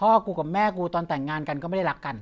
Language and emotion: Thai, frustrated